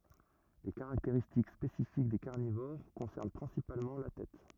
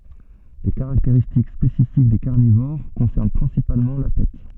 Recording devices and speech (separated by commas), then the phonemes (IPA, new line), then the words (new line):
rigid in-ear microphone, soft in-ear microphone, read sentence
le kaʁakteʁistik spesifik de kaʁnivoʁ kɔ̃sɛʁn pʁɛ̃sipalmɑ̃ la tɛt
Les caractéristiques spécifiques des carnivores concernent principalement la tête.